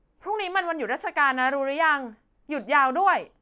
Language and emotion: Thai, frustrated